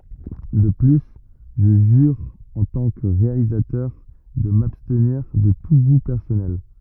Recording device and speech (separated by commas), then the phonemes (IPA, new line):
rigid in-ear microphone, read sentence
də ply ʒə ʒyʁ ɑ̃ tɑ̃ kə ʁealizatœʁ də mabstniʁ də tu ɡu pɛʁsɔnɛl